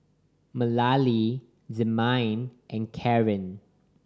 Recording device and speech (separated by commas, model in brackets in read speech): standing microphone (AKG C214), read sentence